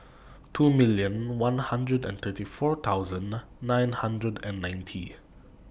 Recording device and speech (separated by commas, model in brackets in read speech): boundary microphone (BM630), read sentence